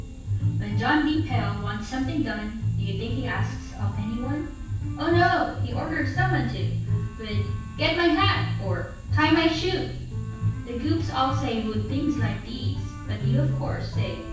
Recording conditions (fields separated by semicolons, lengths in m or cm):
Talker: one person; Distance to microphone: 9.8 m; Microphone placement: far; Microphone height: 1.8 m; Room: large; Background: music